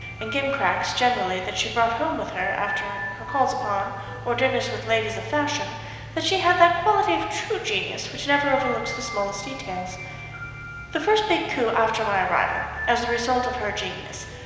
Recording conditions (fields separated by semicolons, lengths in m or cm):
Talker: one person; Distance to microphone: 1.7 m; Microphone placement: close; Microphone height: 1.0 m; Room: very reverberant, large; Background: music